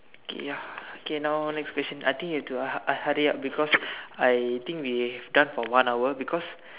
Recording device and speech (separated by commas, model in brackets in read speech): telephone, conversation in separate rooms